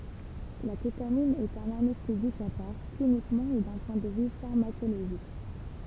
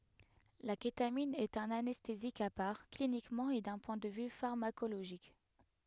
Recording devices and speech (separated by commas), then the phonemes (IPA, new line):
temple vibration pickup, headset microphone, read sentence
la ketamin ɛt œ̃n anɛstezik a paʁ klinikmɑ̃ e dœ̃ pwɛ̃ də vy faʁmakoloʒik